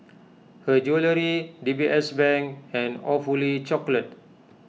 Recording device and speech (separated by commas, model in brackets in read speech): mobile phone (iPhone 6), read sentence